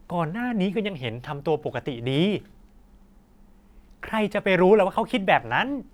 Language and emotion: Thai, neutral